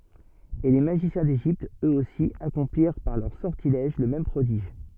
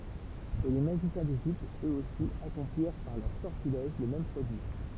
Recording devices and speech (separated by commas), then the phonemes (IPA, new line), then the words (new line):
soft in-ear microphone, temple vibration pickup, read sentence
e le maʒisjɛ̃ deʒipt øksosi akɔ̃pliʁ paʁ lœʁ sɔʁtilɛʒ lə mɛm pʁodiʒ
Et les magiciens d'Égypte, eux-aussi, accomplirent par leurs sortilèges le même prodige.